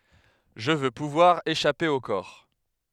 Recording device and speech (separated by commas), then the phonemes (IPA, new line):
headset microphone, read sentence
ʒə vø puvwaʁ eʃape o kɔʁ